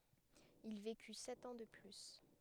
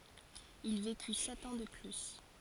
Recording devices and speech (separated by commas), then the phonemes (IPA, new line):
headset microphone, forehead accelerometer, read sentence
il veky sɛt ɑ̃ də ply